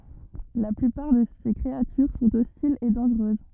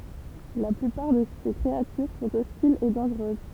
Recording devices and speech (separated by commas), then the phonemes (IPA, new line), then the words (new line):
rigid in-ear microphone, temple vibration pickup, read sentence
la plypaʁ də se kʁeatyʁ sɔ̃t ɔstilz e dɑ̃ʒʁøz
La plupart de ses créatures sont hostiles et dangereuses.